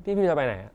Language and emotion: Thai, frustrated